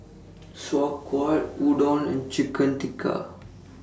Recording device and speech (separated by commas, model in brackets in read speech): standing microphone (AKG C214), read sentence